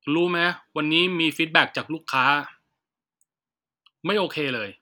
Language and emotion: Thai, frustrated